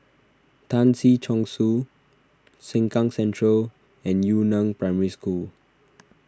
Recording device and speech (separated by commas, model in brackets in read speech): standing microphone (AKG C214), read sentence